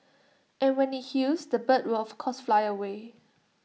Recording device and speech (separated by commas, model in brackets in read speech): mobile phone (iPhone 6), read sentence